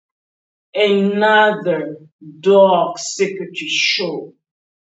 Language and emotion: English, disgusted